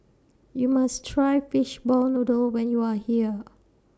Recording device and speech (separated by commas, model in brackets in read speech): standing microphone (AKG C214), read sentence